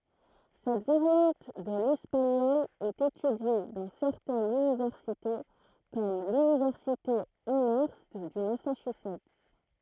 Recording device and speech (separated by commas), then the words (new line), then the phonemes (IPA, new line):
throat microphone, read sentence
Cette variante de l'espagnol est étudiée dans certaines universités comme l'Université Amherst du Massachusetts.
sɛt vaʁjɑ̃t də lɛspaɲɔl ɛt etydje dɑ̃ sɛʁtɛnz ynivɛʁsite kɔm lynivɛʁsite amœʁst dy masaʃyzɛt